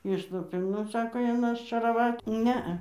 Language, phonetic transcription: Lithuanian, ˈišlupė ˈnu ˈsako ˈjin aščeraˈvat' ˈnea

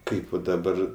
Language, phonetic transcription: Lithuanian, ˈkaip va daˈbar

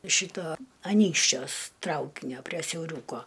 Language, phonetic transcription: Lithuanian, ˈšyto aˈnykščiuos ˈtraukinio prie siauˈriūko

